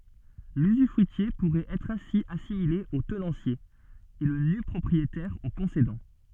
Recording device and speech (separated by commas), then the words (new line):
soft in-ear microphone, read sentence
L'usufruitier pourrait être ainsi assimilé au tenancier, et le nu-propriétaire au concédant.